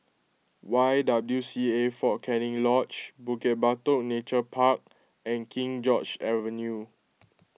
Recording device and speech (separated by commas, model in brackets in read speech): mobile phone (iPhone 6), read sentence